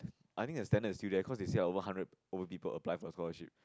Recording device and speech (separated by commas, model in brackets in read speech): close-talking microphone, conversation in the same room